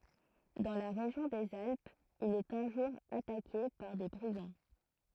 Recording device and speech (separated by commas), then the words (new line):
throat microphone, read sentence
Dans la région des Alpes, il est un jour attaqué par des brigands.